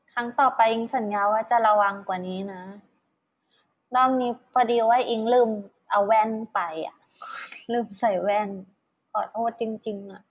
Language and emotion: Thai, sad